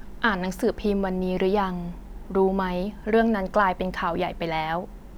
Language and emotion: Thai, neutral